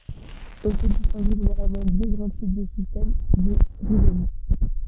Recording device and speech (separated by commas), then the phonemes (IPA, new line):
soft in-ear microphone, read sentence
ɔ̃ pø distɛ̃ɡe ʒeneʁalmɑ̃ dø ɡʁɑ̃ tip də sistɛm də ʁizom